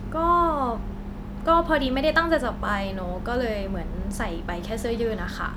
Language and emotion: Thai, frustrated